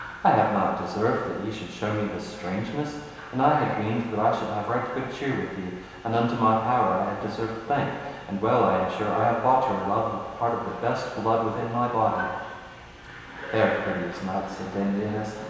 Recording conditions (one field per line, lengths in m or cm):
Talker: one person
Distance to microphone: 1.7 m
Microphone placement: close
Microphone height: 1.0 m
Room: very reverberant, large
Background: television